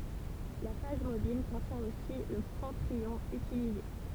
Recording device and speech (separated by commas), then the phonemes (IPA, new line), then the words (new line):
temple vibration pickup, read sentence
la faz mobil kɔ̃tjɛ̃ osi lə kɔ̃tʁ jɔ̃ ytilize
La phase mobile contient aussi le contre-ion utilisé.